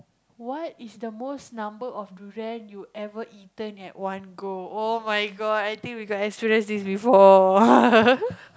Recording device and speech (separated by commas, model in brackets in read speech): close-talking microphone, conversation in the same room